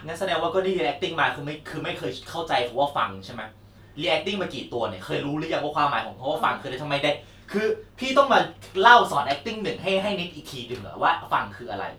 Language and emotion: Thai, frustrated